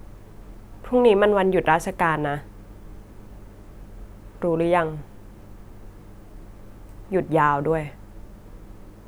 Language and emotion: Thai, neutral